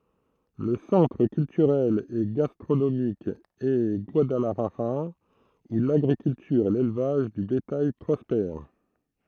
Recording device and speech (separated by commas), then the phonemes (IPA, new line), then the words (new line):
throat microphone, read sentence
lə sɑ̃tʁ kyltyʁɛl e ɡastʁonomik ɛ ɡwadalaʒaʁa u laɡʁikyltyʁ e lelvaʒ də betaj pʁɔspɛʁ
Le centre culturel et gastronomique est Guadalajara où l'agriculture et l'élevage de bétail prospèrent.